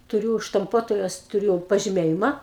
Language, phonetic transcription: Lithuanian, tuˈriū štamˈpuotojos tuˈriu pažiˈmėjima

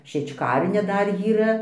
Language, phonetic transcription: Lithuanian, šiečˈkarnia ˈdar jyˈra

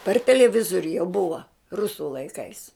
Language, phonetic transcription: Lithuanian, par teleˈvizoriu jau ˈbuva ˈrusu laiˈkais

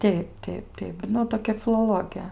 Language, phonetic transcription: Lithuanian, ˈteip ˈteip ˈteip ˈnu toˈkia filoˈloge

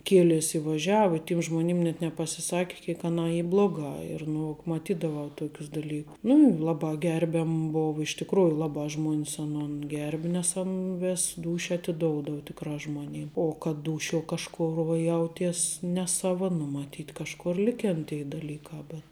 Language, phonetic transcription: Lithuanian, ˈkielės i vaˈžiava i tim ˈžmonim net nepasiˈsaki kiek ˈanā ˈy ˈbloˌgā ir nu maˈtydavau ˈtokius daˈly nu ˈlabā ˈgerbiam ˈbova iš tikˈrųju ˈlabā ˈžmuon's aˈnon ˈgerbi nes ˈan ˈvės ˈdūšia atiˈdoudav tikˈrā žmoˈnim o kad ˈdūšiuo kažˈkor va ˈjauties neˈsava nu maˈtyt kažˈkor ˈlikėn tei dalykā bet

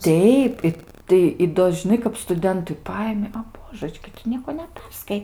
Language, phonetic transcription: Lithuanian, ˈteip ˈi tai i ˈdo žiˈnai kap stuˈdentui ˈpaimi a ˈbožəčki tu ˈnieko neˈperskai

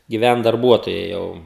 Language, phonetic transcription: Lithuanian, giˈvænt darˈbuotojai ˈjau

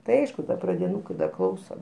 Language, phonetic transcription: Lithuanian, tai ˈaišku ˈda pradiˈnūkai da ˈklauso

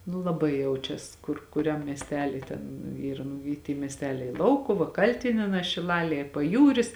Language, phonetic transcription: Lithuanian, nū laˈbai ˈjaučias ˈkur kuˈriam miesˈtely ˈten ˈyra nu ˈy ty miesˈteliai ˈlaukuva ˈkaltinienā šiˈlalie ir paˈjūris

